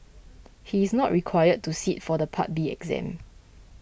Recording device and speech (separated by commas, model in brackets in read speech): boundary microphone (BM630), read sentence